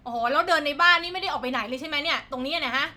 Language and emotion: Thai, angry